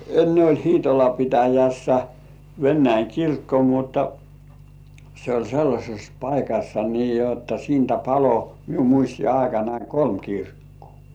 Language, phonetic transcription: Finnish, enne oĺ "Hiitola 'pitäjässä 'Vennäiŋ "kirkko mutta , se oĺ 'sellaśes "paikassa nii jotta siintä palo , miu muisti₍aikanai "kolm 'kirkkᴜᴜ .
- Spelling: ennen oli Hiitolan pitäjässä Venäjän kirkko mutta se oli sellaisessa paikassa niin jotta siitä paloi minun muistiaikanani kolme kirkkoa

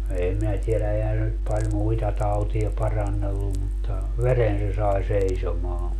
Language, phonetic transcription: Finnish, 'eem minä 'tielä 'ehän se nyt paĺ "muita 'tautia 'parannellum mutta , "veren se 'sai "seisomaa .
- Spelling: en minä tiedä eihän se nyt paljon muita tauteja parannellut mutta veren se sai seisomaan

